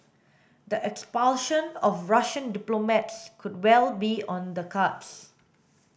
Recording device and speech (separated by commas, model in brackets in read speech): boundary microphone (BM630), read sentence